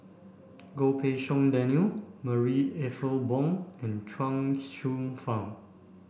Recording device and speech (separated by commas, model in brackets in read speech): boundary microphone (BM630), read sentence